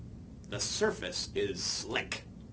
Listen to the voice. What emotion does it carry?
neutral